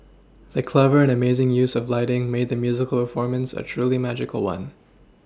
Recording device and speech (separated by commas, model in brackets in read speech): standing microphone (AKG C214), read sentence